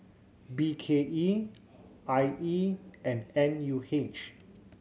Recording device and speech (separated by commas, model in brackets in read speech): mobile phone (Samsung C7100), read sentence